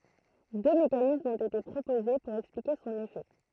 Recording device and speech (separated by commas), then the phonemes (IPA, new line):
throat microphone, read sentence
dø mekanismz ɔ̃t ete pʁopoze puʁ ɛksplike sɔ̃n efɛ